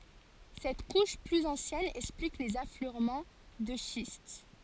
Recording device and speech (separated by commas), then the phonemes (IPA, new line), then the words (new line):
forehead accelerometer, read sentence
sɛt kuʃ plyz ɑ̃sjɛn ɛksplik lez afløʁmɑ̃ də ʃist
Cette couche plus ancienne explique les affleurements de schiste.